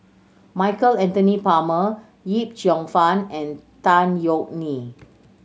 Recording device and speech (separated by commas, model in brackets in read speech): mobile phone (Samsung C7100), read sentence